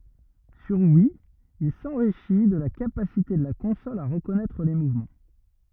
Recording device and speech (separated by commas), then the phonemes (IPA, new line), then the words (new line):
rigid in-ear microphone, read sentence
syʁ wi il sɑ̃ʁiʃi də la kapasite də la kɔ̃sɔl a ʁəkɔnɛtʁ le muvmɑ̃
Sur Wii, il s’enrichit de la capacité de la console à reconnaître les mouvements.